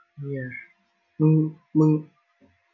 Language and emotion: Thai, frustrated